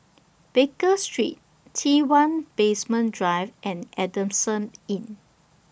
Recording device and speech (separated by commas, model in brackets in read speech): boundary microphone (BM630), read sentence